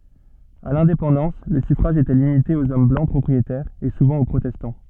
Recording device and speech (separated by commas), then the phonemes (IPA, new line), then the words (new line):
soft in-ear microphone, read sentence
a lɛ̃depɑ̃dɑ̃s lə syfʁaʒ etɛ limite oz ɔm blɑ̃ pʁɔpʁietɛʁz e suvɑ̃ o pʁotɛstɑ̃
À l'indépendance, le suffrage était limité aux hommes blancs propriétaires, et souvent aux protestants.